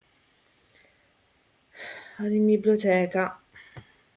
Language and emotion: Italian, sad